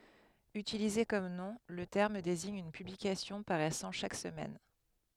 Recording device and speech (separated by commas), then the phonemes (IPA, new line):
headset microphone, read sentence
ytilize kɔm nɔ̃ lə tɛʁm deziɲ yn pyblikasjɔ̃ paʁɛsɑ̃ ʃak səmɛn